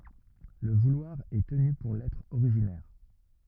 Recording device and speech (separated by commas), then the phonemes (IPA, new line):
rigid in-ear microphone, read sentence
lə vulwaʁ ɛ təny puʁ lɛtʁ oʁiʒinɛʁ